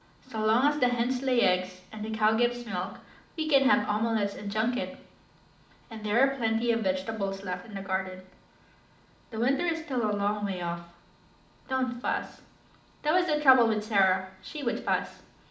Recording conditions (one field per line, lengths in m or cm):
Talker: one person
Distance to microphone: 2.0 m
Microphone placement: close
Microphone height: 99 cm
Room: medium-sized (5.7 m by 4.0 m)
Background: none